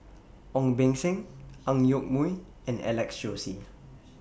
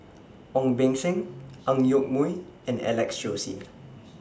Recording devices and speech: boundary microphone (BM630), standing microphone (AKG C214), read sentence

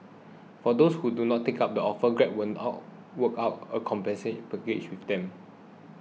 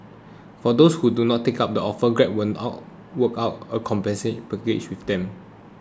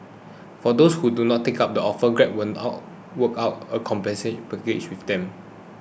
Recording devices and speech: mobile phone (iPhone 6), close-talking microphone (WH20), boundary microphone (BM630), read sentence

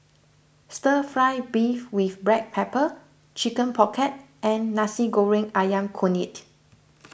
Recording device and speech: boundary microphone (BM630), read sentence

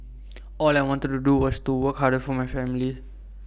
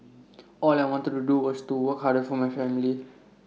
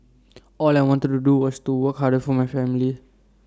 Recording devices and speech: boundary microphone (BM630), mobile phone (iPhone 6), standing microphone (AKG C214), read sentence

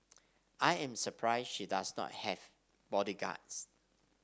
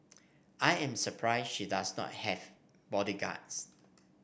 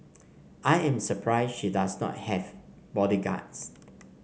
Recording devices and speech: standing microphone (AKG C214), boundary microphone (BM630), mobile phone (Samsung C5), read sentence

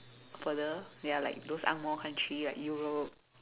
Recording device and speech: telephone, conversation in separate rooms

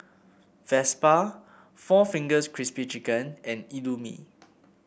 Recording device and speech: boundary microphone (BM630), read sentence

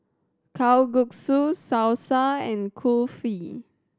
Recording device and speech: standing microphone (AKG C214), read sentence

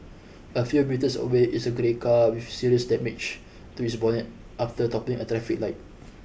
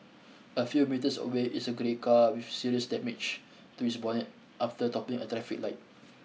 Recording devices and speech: boundary microphone (BM630), mobile phone (iPhone 6), read sentence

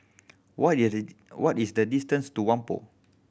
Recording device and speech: boundary microphone (BM630), read sentence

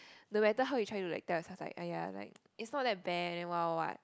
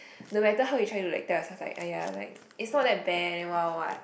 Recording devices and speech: close-talking microphone, boundary microphone, conversation in the same room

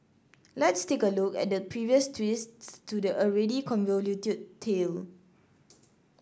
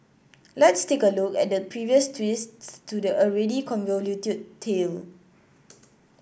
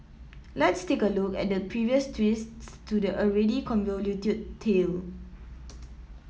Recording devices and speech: standing microphone (AKG C214), boundary microphone (BM630), mobile phone (iPhone 7), read sentence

